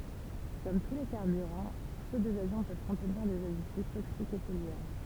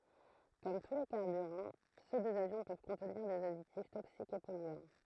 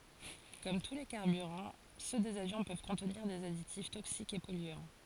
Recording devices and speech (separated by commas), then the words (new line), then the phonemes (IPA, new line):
temple vibration pickup, throat microphone, forehead accelerometer, read sentence
Comme tous les carburants, ceux des avions peuvent contenir des additifs toxiques et polluants.
kɔm tu le kaʁbyʁɑ̃ sø dez avjɔ̃ pøv kɔ̃tniʁ dez aditif toksikz e pɔlyɑ̃